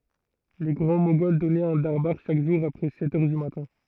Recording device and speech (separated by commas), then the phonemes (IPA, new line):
throat microphone, read sentence
le ɡʁɑ̃ moɡɔl dɔnɛt œ̃ daʁbaʁ ʃak ʒuʁ apʁɛ sɛt œʁ dy matɛ̃